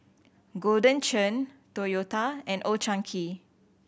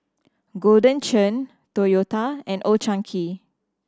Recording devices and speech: boundary microphone (BM630), standing microphone (AKG C214), read sentence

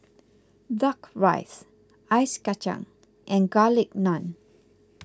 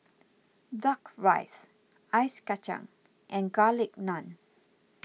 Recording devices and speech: close-talking microphone (WH20), mobile phone (iPhone 6), read sentence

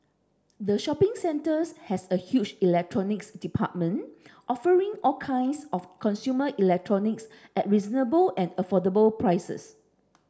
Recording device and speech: standing microphone (AKG C214), read sentence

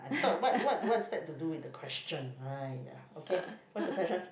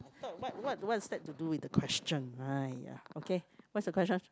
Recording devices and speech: boundary microphone, close-talking microphone, conversation in the same room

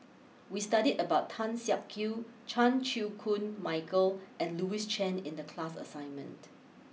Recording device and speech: mobile phone (iPhone 6), read sentence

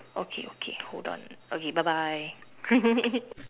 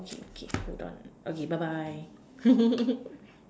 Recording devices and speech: telephone, standing microphone, conversation in separate rooms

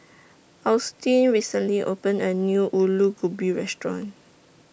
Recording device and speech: boundary microphone (BM630), read sentence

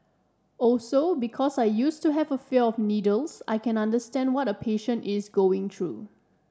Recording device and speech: standing microphone (AKG C214), read sentence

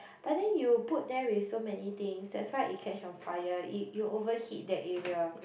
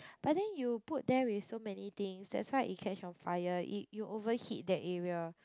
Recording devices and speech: boundary microphone, close-talking microphone, conversation in the same room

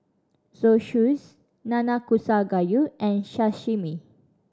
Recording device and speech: standing microphone (AKG C214), read sentence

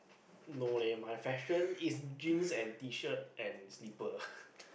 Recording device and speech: boundary microphone, conversation in the same room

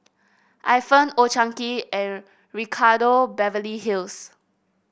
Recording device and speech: boundary microphone (BM630), read sentence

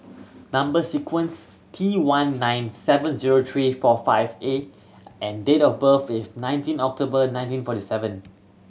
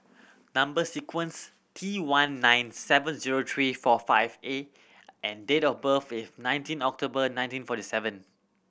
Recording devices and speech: mobile phone (Samsung C7100), boundary microphone (BM630), read sentence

